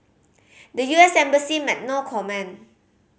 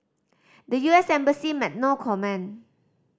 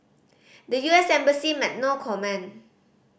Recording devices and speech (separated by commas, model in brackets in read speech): mobile phone (Samsung C5010), standing microphone (AKG C214), boundary microphone (BM630), read sentence